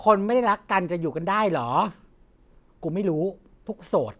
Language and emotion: Thai, neutral